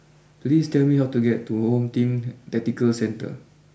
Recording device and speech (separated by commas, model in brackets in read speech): boundary microphone (BM630), read sentence